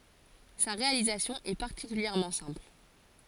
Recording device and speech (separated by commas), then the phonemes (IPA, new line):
forehead accelerometer, read sentence
sa ʁealizasjɔ̃ ɛ paʁtikyljɛʁmɑ̃ sɛ̃pl